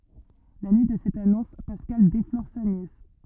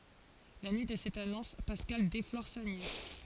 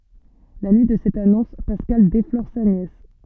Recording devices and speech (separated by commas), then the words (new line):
rigid in-ear microphone, forehead accelerometer, soft in-ear microphone, read sentence
La nuit de cette annonce, Pascal déflore sa nièce.